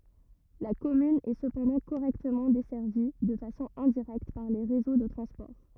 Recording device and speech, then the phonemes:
rigid in-ear microphone, read sentence
la kɔmyn ɛ səpɑ̃dɑ̃ koʁɛktəmɑ̃ dɛsɛʁvi də fasɔ̃ ɛ̃diʁɛkt paʁ le ʁezo də tʁɑ̃spɔʁ

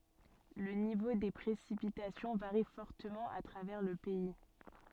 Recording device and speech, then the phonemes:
soft in-ear microphone, read sentence
lə nivo de pʁesipitasjɔ̃ vaʁi fɔʁtəmɑ̃ a tʁavɛʁ lə pɛi

